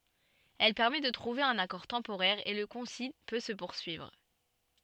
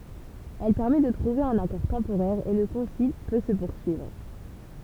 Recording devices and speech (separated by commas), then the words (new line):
soft in-ear microphone, temple vibration pickup, read sentence
Elle permet de trouver un accord temporaire et le concile peut se poursuivre.